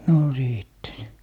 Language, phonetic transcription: Finnish, 'no "sìtte (se) .
- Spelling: no sitten se

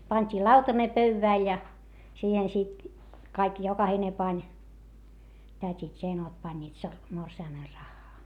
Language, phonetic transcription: Finnish, pańt́ii lautane pöywvä̀l ja , siihen sit , kaik jokahine pań , tät́it ja enot pańńiit sor- , morsi₍amer raχχaa .
- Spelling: pantiin lautanen pöydälle ja siihen sitten kaikki jokainen pani tädit ja enot panivat - morsiamen rahaa

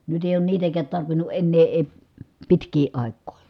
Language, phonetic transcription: Finnish, nyt ‿èi oon niitäkäät tarvinu ʼennee ee , pitk̀ii ài̮k̆kòi .
- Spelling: nyt ei ole niitäkään tarvinnut enää ei pitkiin aikoihin

